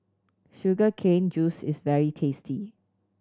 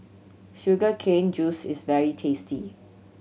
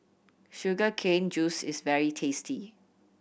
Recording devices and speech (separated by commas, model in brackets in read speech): standing microphone (AKG C214), mobile phone (Samsung C7100), boundary microphone (BM630), read sentence